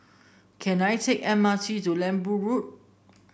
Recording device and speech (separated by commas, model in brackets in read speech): boundary microphone (BM630), read sentence